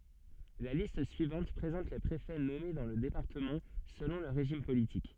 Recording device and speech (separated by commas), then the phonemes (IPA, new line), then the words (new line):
soft in-ear microphone, read sentence
la list syivɑ̃t pʁezɑ̃t le pʁefɛ nɔme dɑ̃ lə depaʁtəmɑ̃ səlɔ̃ lə ʁeʒim politik
La liste suivante présente les préfets nommés dans le département selon le régime politique.